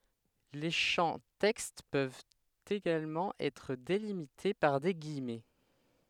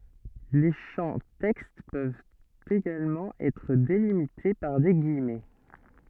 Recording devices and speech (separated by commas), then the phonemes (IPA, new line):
headset microphone, soft in-ear microphone, read sentence
le ʃɑ̃ tɛkst pøvt eɡalmɑ̃ ɛtʁ delimite paʁ de ɡijmɛ